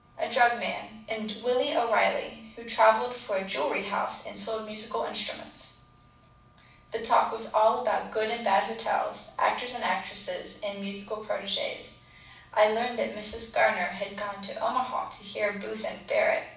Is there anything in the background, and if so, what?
Nothing.